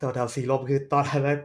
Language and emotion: Thai, neutral